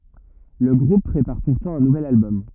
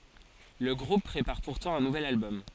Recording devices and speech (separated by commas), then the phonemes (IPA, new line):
rigid in-ear microphone, forehead accelerometer, read sentence
lə ɡʁup pʁepaʁ puʁtɑ̃ œ̃ nuvɛl albɔm